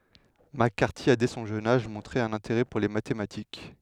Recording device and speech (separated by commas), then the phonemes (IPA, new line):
headset microphone, read sentence
mak kaʁti a dɛ sɔ̃ ʒøn aʒ mɔ̃tʁe œ̃n ɛ̃teʁɛ puʁ le matematik